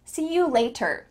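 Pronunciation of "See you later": In 'See you later', the T in 'later' is said as a T, not changed to a D. Americans would not say it this way.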